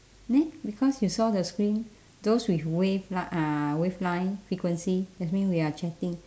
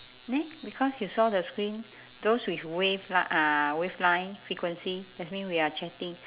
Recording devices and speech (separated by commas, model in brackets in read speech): standing microphone, telephone, conversation in separate rooms